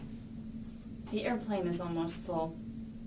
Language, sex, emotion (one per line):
English
female
neutral